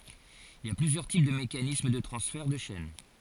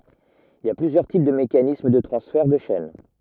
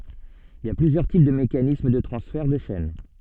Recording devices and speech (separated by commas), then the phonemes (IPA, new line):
forehead accelerometer, rigid in-ear microphone, soft in-ear microphone, read sentence
il i a plyzjœʁ tip də mekanism də tʁɑ̃sfɛʁ də ʃɛn